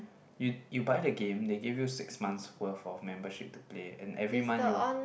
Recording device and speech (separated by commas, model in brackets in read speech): boundary microphone, conversation in the same room